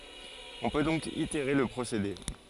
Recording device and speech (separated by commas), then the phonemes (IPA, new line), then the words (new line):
forehead accelerometer, read sentence
ɔ̃ pø dɔ̃k iteʁe lə pʁosede
On peut donc itérer le procédé.